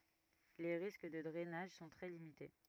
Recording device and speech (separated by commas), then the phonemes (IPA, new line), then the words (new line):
rigid in-ear microphone, read sentence
le ʁisk də dʁɛnaʒ sɔ̃ tʁɛ limite
Les risques de drainage sont très limités.